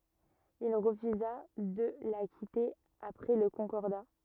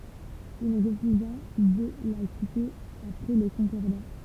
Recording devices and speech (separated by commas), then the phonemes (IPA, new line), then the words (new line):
rigid in-ear microphone, temple vibration pickup, read sentence
il ʁəfyza də la kite apʁɛ lə kɔ̃kɔʁda
Il refusa de la quitter après le Concordat.